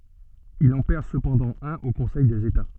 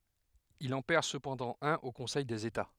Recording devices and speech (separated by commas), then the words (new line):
soft in-ear microphone, headset microphone, read sentence
Il en perd cependant un au Conseil des États.